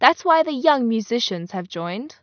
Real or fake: real